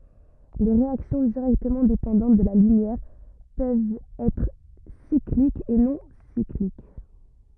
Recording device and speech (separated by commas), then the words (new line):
rigid in-ear microphone, read sentence
Les réactions directement dépendantes de la lumière peuvent être cycliques ou non cycliques.